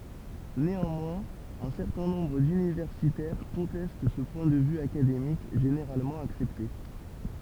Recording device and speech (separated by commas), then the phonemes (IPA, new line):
temple vibration pickup, read sentence
neɑ̃mwɛ̃z œ̃ sɛʁtɛ̃ nɔ̃bʁ dynivɛʁsitɛʁ kɔ̃tɛst sə pwɛ̃ də vy akademik ʒeneʁalmɑ̃ aksɛpte